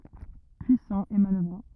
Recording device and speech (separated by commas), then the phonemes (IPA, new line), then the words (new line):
rigid in-ear microphone, read sentence
pyisɑ̃ e manœvʁɑ̃
Puissant et manoeuvrant.